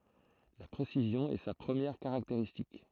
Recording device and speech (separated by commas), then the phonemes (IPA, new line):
throat microphone, read sentence
la pʁesizjɔ̃ ɛ sa pʁəmjɛʁ kaʁakteʁistik